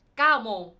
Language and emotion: Thai, frustrated